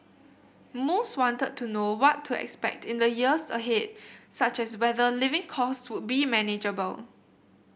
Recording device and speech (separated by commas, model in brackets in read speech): boundary microphone (BM630), read sentence